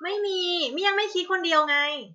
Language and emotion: Thai, frustrated